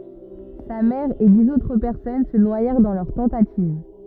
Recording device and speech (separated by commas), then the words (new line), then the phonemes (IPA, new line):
rigid in-ear microphone, read sentence
Sa mère et dix autres personnes se noyèrent dans leur tentative.
sa mɛʁ e diz otʁ pɛʁsɔn sə nwajɛʁ dɑ̃ lœʁ tɑ̃tativ